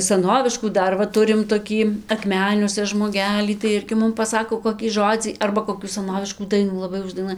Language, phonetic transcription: Lithuanian, saˈnoviškų ˈdar va ˈturim toˈkį akˈmeniuose žmoˈgelį tai ˈirgi ˈmum paˈsako kokį ˈžodzį ˈarba koˈkių saˈnoviškų ˈdainų laˈbai uždaiˈnuoj

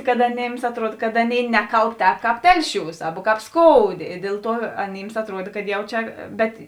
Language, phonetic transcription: Lithuanian, kad aˈnėms atˈruod kad ˈaˌnėi ˈnekalb ˈtēp ˈkāp ˈtelˌšiūs ˈaba ˈkāp ˈskouˌdė i ˈdėl ˌtuo aˈnyms atˈruod kad ˈjau ˈčia ˈbet

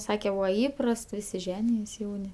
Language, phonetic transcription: Lithuanian, ˈsake ˈbūva ˈįprast ˈvisi ˈženijos ˈjauni

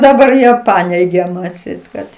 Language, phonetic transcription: Lithuanian, daˈbar ˈjie ˈpaneige atˈseit kad

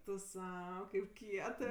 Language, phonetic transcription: Lithuanian, tu ˈsau kaip ˈkietɜ

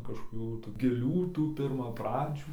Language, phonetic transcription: Lithuanian, kažkoˈkių tų giˈlių ˈtų pirmaˈpradžių

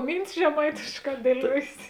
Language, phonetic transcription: Lithuanian, ˈmyntis žeˈmaitėšˌkā dieˈliuojės

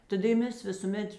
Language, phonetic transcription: Lithuanian, taˈda i ˈmes visūˈmet

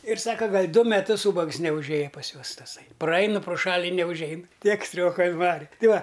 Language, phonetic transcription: Lithuanian, ir ˈsaka ˈgal' ˈdu meˈtus ˈūbags neužˈėja pas ˈjuos taˈsai praˈain pro ˈšal' i neužˈein ˈtiek ˈstrioka inˈvari ˈti ˈva

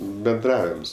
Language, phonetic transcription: Lithuanian, benˈdravims

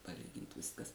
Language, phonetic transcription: Lithuanian, paˈlygint ˈviskas

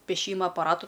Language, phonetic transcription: Lithuanian, pėˈšyma apaˈratu

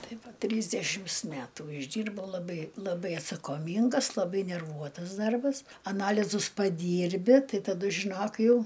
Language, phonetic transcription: Lithuanian, ˈtai ˈva ˈtrysdešims ˈmætų išˈdyrbau laˈbai laˈbai atsakoˈmyngas laˈbai nerˈvuotas ˈdarbas aˈnalizus paˈdyrbi ˈtai taˈdu žiˈnok ˈjau

